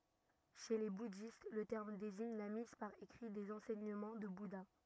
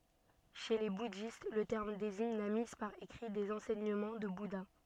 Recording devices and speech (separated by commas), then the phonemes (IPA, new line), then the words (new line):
rigid in-ear microphone, soft in-ear microphone, read sentence
ʃe le budist lə tɛʁm deziɲ la miz paʁ ekʁi dez ɑ̃sɛɲəmɑ̃ dy buda
Chez les bouddhistes, le terme désigne la mise par écrit des enseignements du Bouddha.